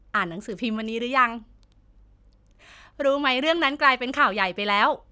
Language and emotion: Thai, happy